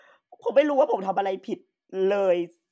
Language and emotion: Thai, frustrated